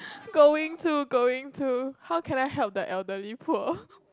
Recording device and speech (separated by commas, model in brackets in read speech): close-talking microphone, conversation in the same room